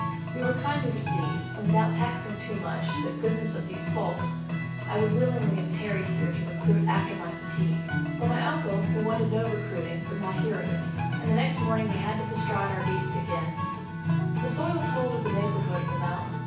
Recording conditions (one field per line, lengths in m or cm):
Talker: one person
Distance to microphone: 9.8 m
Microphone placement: far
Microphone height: 1.8 m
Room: large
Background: music